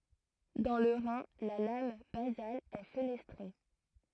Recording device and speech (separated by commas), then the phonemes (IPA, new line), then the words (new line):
throat microphone, read sentence
dɑ̃ lə ʁɛ̃ la lam bazal ɛ fənɛstʁe
Dans le rein, la lame basale est fenestrée.